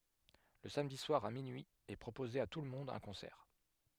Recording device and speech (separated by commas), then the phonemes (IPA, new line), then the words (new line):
headset microphone, read sentence
lə samdi swaʁ a minyi ɛ pʁopoze a tulmɔ̃d œ̃ kɔ̃sɛʁ
Le samedi soir à minuit est proposé à tout le monde un concert.